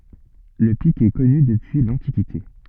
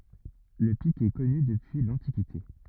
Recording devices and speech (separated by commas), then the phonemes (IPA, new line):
soft in-ear microphone, rigid in-ear microphone, read sentence
lə pik ɛ kɔny dəpyi lɑ̃tikite